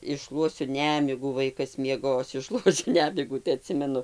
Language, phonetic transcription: Lithuanian, išˈšluosiu ˈnemigų ˈvaikas mieˈgos išˈšluosiu ˈnemigų tai aˈtsimenu

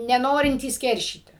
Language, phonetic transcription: Lithuanian, neˈnorintys ˈkeršyti

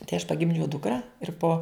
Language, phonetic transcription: Lithuanian, tai aš paˈgimdžiau ˈdukra ir po

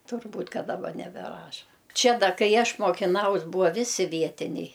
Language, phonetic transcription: Lithuanian, turˈbūt' ˈka daˈba nebeˈraša ˈčia ˈda ˈkai ˈaš mokiˈnaus ˈbūa ˈvisi ˈvietiniai

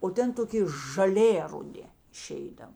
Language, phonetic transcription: Lithuanian, o ˈten toˈki žaˈlė ruˈdi iˈšeidav

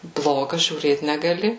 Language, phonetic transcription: Lithuanian, ˈbloga žiūˈrėt negaˈli

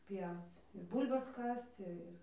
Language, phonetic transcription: Lithuanian, ˈpjauc ir ˈbūl'bas ˈkasc ir

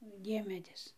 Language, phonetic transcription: Lithuanian, ˈdiemedis

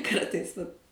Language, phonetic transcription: Lithuanian, ˈkartais vat

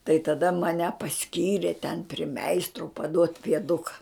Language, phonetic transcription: Lithuanian, tai taˈda maˈne paˈskyrė ten pri ˈmeistro paˈduot' pieˈduka

